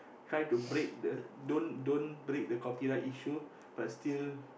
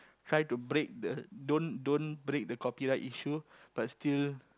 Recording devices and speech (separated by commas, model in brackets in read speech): boundary microphone, close-talking microphone, conversation in the same room